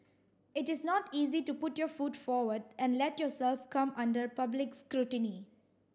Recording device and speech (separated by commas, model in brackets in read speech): standing microphone (AKG C214), read sentence